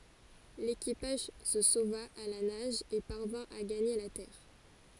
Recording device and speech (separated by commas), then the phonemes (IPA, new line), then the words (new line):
forehead accelerometer, read sentence
lekipaʒ sə sova a la naʒ e paʁvɛ̃ a ɡaɲe la tɛʁ
L'équipage se sauva à la nage et parvint à gagner la terre.